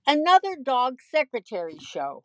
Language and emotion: English, neutral